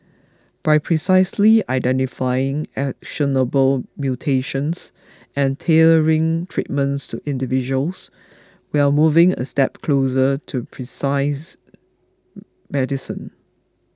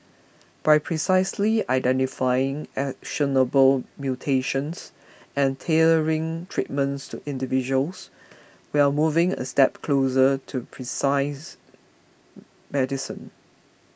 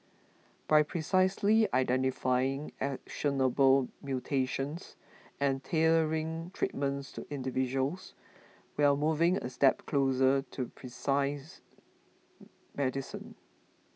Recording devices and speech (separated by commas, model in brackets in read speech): close-talking microphone (WH20), boundary microphone (BM630), mobile phone (iPhone 6), read sentence